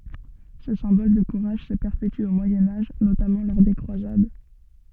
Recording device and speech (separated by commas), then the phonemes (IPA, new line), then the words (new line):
soft in-ear microphone, read sentence
sə sɛ̃bɔl də kuʁaʒ sə pɛʁpety o mwajɛ̃ aʒ notamɑ̃ lɔʁ de kʁwazad
Ce symbole de courage se perpétue au Moyen Âge, notamment lors des Croisades.